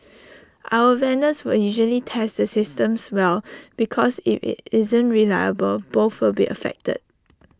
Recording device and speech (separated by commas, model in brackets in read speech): standing microphone (AKG C214), read sentence